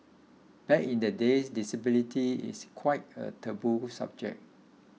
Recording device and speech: mobile phone (iPhone 6), read sentence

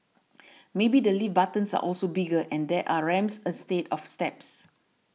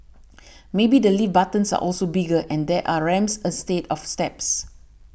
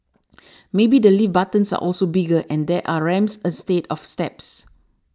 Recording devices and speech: mobile phone (iPhone 6), boundary microphone (BM630), standing microphone (AKG C214), read sentence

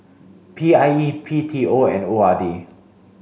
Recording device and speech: mobile phone (Samsung C5), read sentence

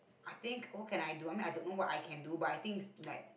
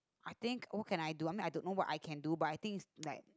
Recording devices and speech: boundary microphone, close-talking microphone, conversation in the same room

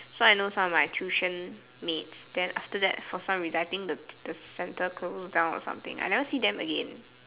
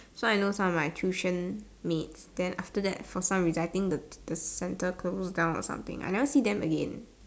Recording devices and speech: telephone, standing microphone, conversation in separate rooms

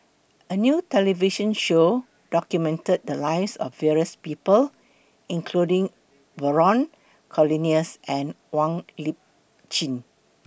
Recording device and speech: boundary microphone (BM630), read sentence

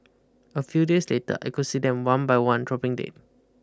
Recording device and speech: close-talking microphone (WH20), read sentence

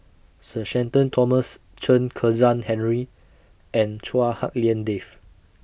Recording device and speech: boundary microphone (BM630), read sentence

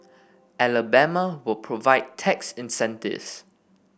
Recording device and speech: boundary microphone (BM630), read sentence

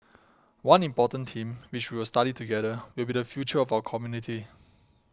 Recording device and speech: close-talking microphone (WH20), read sentence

